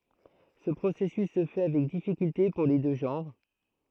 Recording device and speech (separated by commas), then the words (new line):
throat microphone, read sentence
Ce processus se fait avec difficulté pour les deux genres.